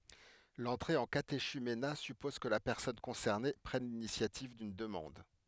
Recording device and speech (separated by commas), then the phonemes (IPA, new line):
headset microphone, read sentence
lɑ̃tʁe ɑ̃ kateʃymena sypɔz kə la pɛʁsɔn kɔ̃sɛʁne pʁɛn linisjativ dyn dəmɑ̃d